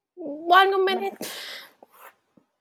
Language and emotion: Thai, sad